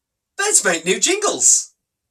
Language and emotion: English, surprised